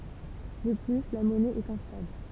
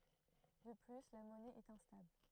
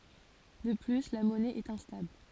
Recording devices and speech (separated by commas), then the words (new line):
temple vibration pickup, throat microphone, forehead accelerometer, read sentence
De plus la monnaie est instable.